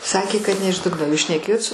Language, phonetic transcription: Lithuanian, saˈkė kad ne iš ˈdugno o jūs šneˈkėjot su

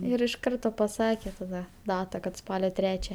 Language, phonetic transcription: Lithuanian, ˈir iš ˈkarto paˈsakė taˈda ˈdata kad ˈspalio ˈtrečia

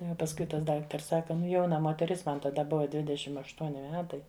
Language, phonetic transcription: Lithuanian, nu ˈjau pasˈkui tas ˈdaktars ˈsaka ˈnu ˈjauna moteˈris ˈman taˈda ˈbuva ˈdvidešim ašˈtuoni ˈmetai

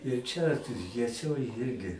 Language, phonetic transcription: Lithuanian, ir ˈčia jieˈsioj ˈjirgi

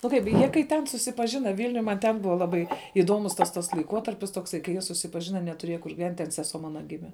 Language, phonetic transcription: Lithuanian, nu ˈkaip ˈjie kai tˈen susipaˈžina ˈvilniuj man ˈten ˈbuva ˈlabai ˈiduomus tas ˈtas laiˈkuotarpis tokˈsai kai ˈjie susipaˈžina netuˈrieja kur giˈvent' ten seˈsuo ˈmana ˈgime

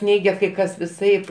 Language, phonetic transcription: Lithuanian, ˈneigia kai ˈkas viˈsaip

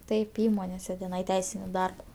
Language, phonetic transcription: Lithuanian, ˈtaip ˈįmonėse teˈnai ˈteisini ˈdarba

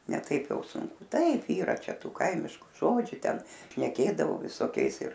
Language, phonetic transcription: Lithuanian, ne ˈtaip ˈjau sunˈku ˈtaip ˈyra ˈčia ˈtų ˈkaimišku ˈžodžiu ˈten šneˈkėdavo visoˈkiais ir

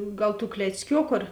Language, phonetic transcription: Lithuanian, ˈgal tų klecˈkioku ar

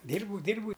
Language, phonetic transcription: Lithuanian, ˈdyrbau ˈdyrbau

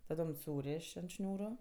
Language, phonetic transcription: Lithuanian, taˈdom ˈsūrėš ant ˈšniūru

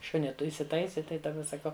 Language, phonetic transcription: Lithuanian, ˈšunį ˈtu isiˈtaisi ˈtai daˈba saˈkau

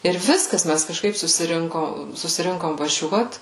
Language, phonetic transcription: Lithuanian, ir ˈviskas ˈmæs kažˈkaip susiˈrinko susiˈrinkom vaˈžiuot

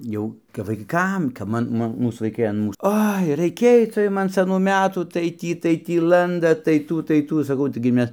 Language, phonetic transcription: Lithuanian, ˈjau kap vaiˈkam kap ˈma ˈmu ˈmūs vaiˈkai an mūs ˈoi raiˈkėj ca ˈjum an saˈnų ˈmetų tai ˈtį tai ˈtį ˈlandat tai ˈtų tai ˈtų saˈkau taiˈgi ˈmes

